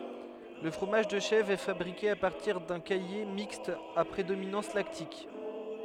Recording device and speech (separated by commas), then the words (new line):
headset microphone, read sentence
Le fromage de chèvre est fabriqué à partir d'un caillé mixte à prédominance lactique.